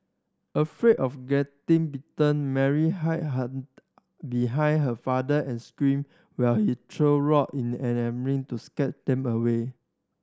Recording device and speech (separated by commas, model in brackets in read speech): standing microphone (AKG C214), read sentence